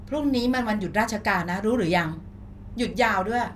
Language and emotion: Thai, frustrated